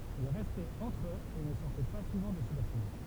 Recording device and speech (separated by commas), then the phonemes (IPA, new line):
temple vibration pickup, read sentence
il ʁɛstɛt ɑ̃tʁ øz e nə sɔʁtɛ pa suvɑ̃ də sə batimɑ̃